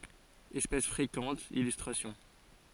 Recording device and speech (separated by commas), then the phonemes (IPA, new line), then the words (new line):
forehead accelerometer, read sentence
ɛspɛs fʁekɑ̃t ilystʁasjɔ̃
Espèce fréquente, illustrations.